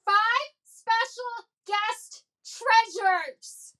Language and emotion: English, angry